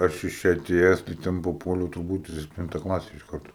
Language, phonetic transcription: Lithuanian, ˈaš iš ˈčia aˈtėjes tai ˈten paˈpuoliau turˈbūt i sepˈtinta ˈklase iš ˈkartu

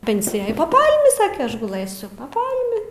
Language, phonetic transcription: Lithuanian, ˈpensijaj pa ˈpalmi ˈsake ˈaš guˈlɘsiu pa ˈpalmi

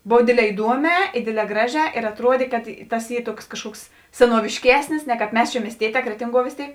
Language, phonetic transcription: Lithuanian, ˈbov ˈdėdˌlē iˈduoˌmē i ˈdėdˌlē ˈgraˌžē ir atˈruodė kad ˈtas ˈy ˈtuoks kažˈkuoks senuovišˈkesnis ne kāp ˈmes čia miesˈtieˌtē ˈkretinˌguo vės ˈtėik

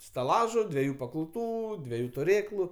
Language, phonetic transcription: Lithuanian, staˈlažu dveˈjų pakauˈtų dveˈjų tuˈrėklu

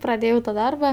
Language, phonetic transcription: Lithuanian, praˈdėjau ta ˈdarba

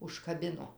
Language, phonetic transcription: Lithuanian, užkaˈbino

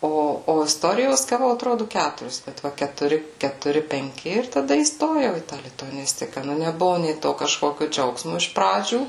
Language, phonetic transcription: Lithuanian, ˈo o isˈtorijos gaˈvau atˈrodu ˈkæturis kad ˈva ketuˈri ketuˈri penˈki ir taˈda įˈstojau į tą lituaˈnistika ˈnu neˈbuvu nė ˈto kažˈkokiu ˈdžiaugsmu iš ˈpradžių

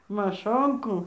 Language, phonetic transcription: Lithuanian, maˈšonkų

